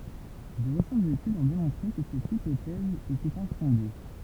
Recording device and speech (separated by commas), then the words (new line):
temple vibration pickup, read sentence
De récentes études ont démontré que cette hypothèse était infondée.